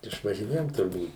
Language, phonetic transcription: Lithuanian, išvažiˈnėjom turˈbūt

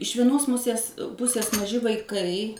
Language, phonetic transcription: Lithuanian, iš vieˈnos ˈmusės ˈpusės maˈži vaiˈkai

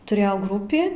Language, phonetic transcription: Lithuanian, tuˈrėjau ˈgrupį

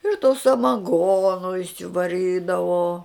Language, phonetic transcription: Lithuanian, ir to samaˈgono išsivaˈrydavo

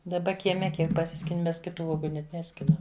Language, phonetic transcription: Lithuanian, daˈba kieˈme ˈkiek paˈsiskini ˈmes kiˈtų ˈuogu net ˈneskinam

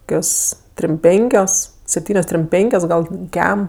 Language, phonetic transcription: Lithuanian, ˈkios trim ˈpenkios sepˈtynios trim ˈpenkios ˈgal' ˈkem

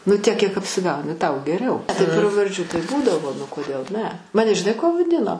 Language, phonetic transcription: Lithuanian, nu ˈtiek kiek apsiˈgauni ˈtau geˈriau tai pravarˈdžių tai ˈbūdavo nu koˈdėl ne ˈmane žiˈnai kuo vaˈdino

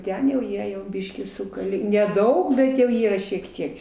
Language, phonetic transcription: Lithuanian, ˈten jau ˈjie jau ˈbyškį ˈsukalė neˈdaug ˈbet jau ˈyra šiek ˈtiek

